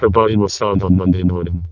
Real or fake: fake